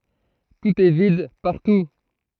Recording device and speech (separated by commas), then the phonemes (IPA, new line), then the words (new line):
throat microphone, read sentence
tut ɛ vid paʁtu
Tout est vide, partout.